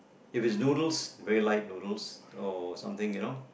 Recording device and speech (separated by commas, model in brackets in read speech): boundary microphone, conversation in the same room